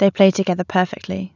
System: none